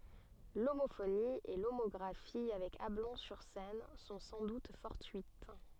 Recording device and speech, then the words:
soft in-ear microphone, read sentence
L'homophonie et l'homographie avec Ablon-sur-Seine sont sans doute fortuites.

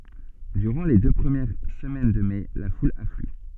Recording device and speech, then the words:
soft in-ear microphone, read sentence
Durant les deux premières semaines de mai, la foule afflue.

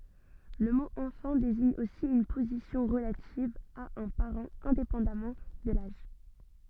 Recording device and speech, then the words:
soft in-ear microphone, read sentence
Le mot enfant désigne aussi une position relative à un parent, indépendamment de l'âge.

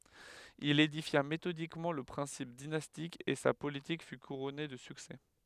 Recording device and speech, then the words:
headset microphone, read sentence
Il édifia méthodiquement le principe dynastique et sa politique fut couronnée de succès.

